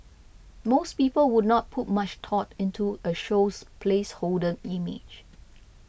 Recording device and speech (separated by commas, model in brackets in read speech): boundary microphone (BM630), read sentence